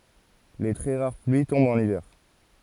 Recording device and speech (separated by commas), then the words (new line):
forehead accelerometer, read sentence
Les très rares pluies tombent en hiver.